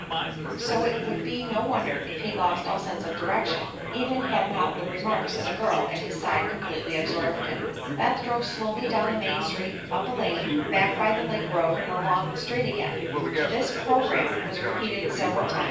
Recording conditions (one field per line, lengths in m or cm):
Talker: one person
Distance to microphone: 9.8 m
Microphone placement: far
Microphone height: 1.8 m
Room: large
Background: babble